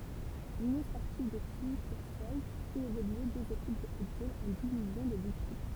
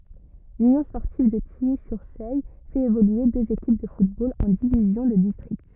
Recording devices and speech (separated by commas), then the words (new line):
temple vibration pickup, rigid in-ear microphone, read sentence
L'Union sportive de Tilly-sur-Seulles fait évoluer deux équipes de football en divisions de district.